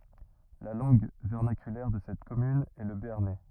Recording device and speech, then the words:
rigid in-ear microphone, read sentence
La langue vernaculaire de cette commune est le béarnais.

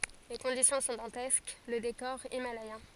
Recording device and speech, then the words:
forehead accelerometer, read sentence
Les conditions sont dantesques, le décor himalayen.

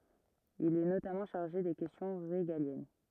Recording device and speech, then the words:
rigid in-ear microphone, read sentence
Il est notamment chargé des questions régaliennes.

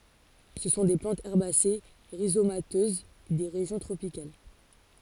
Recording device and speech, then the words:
forehead accelerometer, read sentence
Ce sont des plantes herbacées rhizomateuses des régions tropicales.

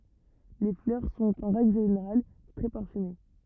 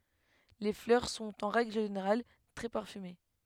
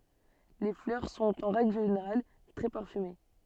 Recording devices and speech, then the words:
rigid in-ear microphone, headset microphone, soft in-ear microphone, read sentence
Les fleurs sont en règle générale très parfumées.

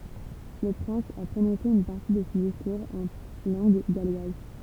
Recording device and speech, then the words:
temple vibration pickup, read sentence
Le prince a prononcé une partie de son discours en langue galloise.

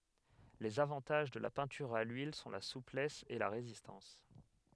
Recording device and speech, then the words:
headset microphone, read sentence
Les avantages de la peinture à l’huile sont la souplesse et la résistance.

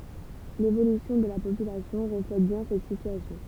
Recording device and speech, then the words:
temple vibration pickup, read sentence
L’évolution de la population reflète bien cette situation.

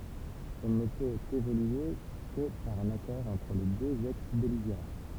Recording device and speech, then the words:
temple vibration pickup, read sentence
Elle ne peut évoluer que par un accord entre les deux ex-belligérants.

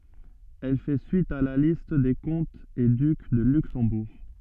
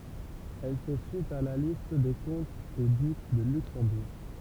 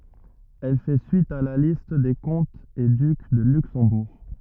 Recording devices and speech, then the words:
soft in-ear microphone, temple vibration pickup, rigid in-ear microphone, read sentence
Elle fait suite à la liste des comtes et ducs de Luxembourg.

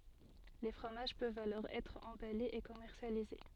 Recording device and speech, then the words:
soft in-ear microphone, read sentence
Les fromages peuvent alors être emballés et commercialisés.

